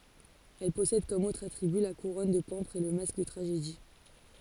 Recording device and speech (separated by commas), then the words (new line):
forehead accelerometer, read sentence
Elle possède comme autres attributs la couronne de pampres et le masque de tragédie.